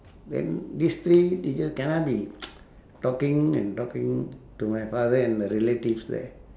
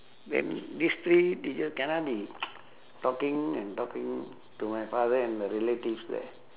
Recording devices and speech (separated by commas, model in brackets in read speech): standing microphone, telephone, conversation in separate rooms